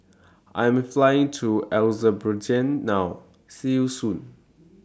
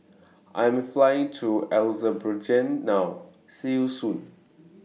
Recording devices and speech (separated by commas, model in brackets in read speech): standing microphone (AKG C214), mobile phone (iPhone 6), read sentence